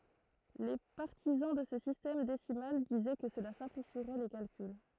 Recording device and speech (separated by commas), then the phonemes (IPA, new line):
throat microphone, read sentence
le paʁtizɑ̃ də sə sistɛm desimal dizɛ kə səla sɛ̃plifiʁɛ le kalkyl